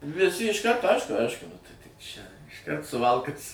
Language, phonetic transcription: Lithuanian, viˈsi išˈkarto ˈaišku ˈaišku nu ˈtai tik ˈčia išˈkart suˈvalkas

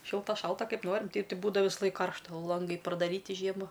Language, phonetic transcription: Lithuanian, ˈšilta ˈšalta ˈkaip ˈnorim ˈteip ˈtai ˈbūdav visaˈlaik ˈkaršta ˈlangai pradaˈryti ˈžiema

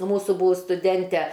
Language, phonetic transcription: Lithuanian, ˈmūsų ˈbūvus stuˈdente

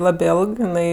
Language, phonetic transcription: Lithuanian, ˈlabė ˈėlg jiˈnai

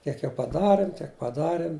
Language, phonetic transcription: Lithuanian, ˈkiek jau paˈdarim ˈtiek paˈdarim

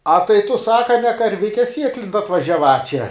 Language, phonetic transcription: Lithuanian, a tai tu ˈsaka ne karˈvike ˈsieklint atvažiāˈva čia

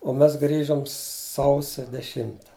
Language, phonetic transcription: Lithuanian, o ˈmes ˈgrįžom ˈsausia deˈšimta

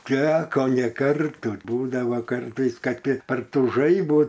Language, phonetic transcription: Lithuanian, ˈteko ne ˈkartų ˈbūdava ˈkartais ˈkad ti par ˈtų ˈžaibų

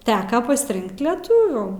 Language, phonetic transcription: Lithuanian, ˈteka pasiˈrinkt leˈtuvių

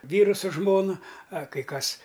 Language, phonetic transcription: Lithuanian, ˈvyru su ˈžmona a kai ˈkas

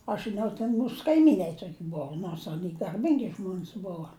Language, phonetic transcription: Lithuanian, aš žiˈnau ten ˈmūs kaiˈmynai ˈtoki ˈbuvu nors aˈny garˈbingi ˈžmon's ˈbova

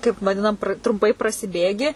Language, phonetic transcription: Lithuanian, kaip vaˈdinam trumˈpai prasiˈbėgi

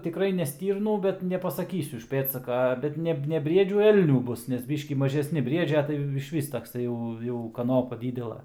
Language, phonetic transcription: Lithuanian, tiˈkrai ne ˈstyrnų ˈbet nepasaˈkysiu iš ˈpėdsaka ˈbet ne ne ˈbriedžių ˈelnių ˈbus nes ˈbyškį mažesˈni ˈbriedžia tai išˈvis takˈsai jau jau kaˈnopa ˈdydela

